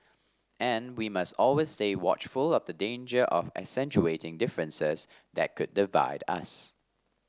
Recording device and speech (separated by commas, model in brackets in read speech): standing microphone (AKG C214), read sentence